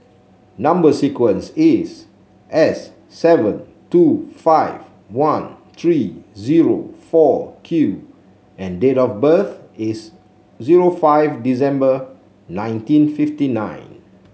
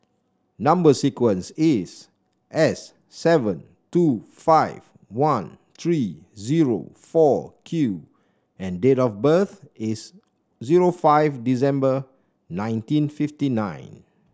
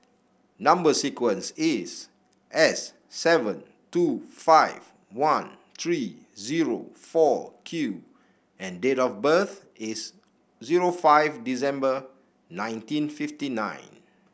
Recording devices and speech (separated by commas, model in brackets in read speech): mobile phone (Samsung C7), standing microphone (AKG C214), boundary microphone (BM630), read sentence